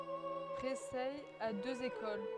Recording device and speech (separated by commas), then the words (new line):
headset microphone, read sentence
Précey a deux écoles.